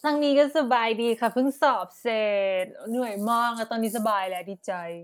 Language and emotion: Thai, happy